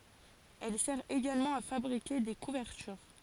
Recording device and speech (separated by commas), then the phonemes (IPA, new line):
forehead accelerometer, read sentence
ɛl sɛʁ eɡalmɑ̃ a fabʁike de kuvɛʁtyʁ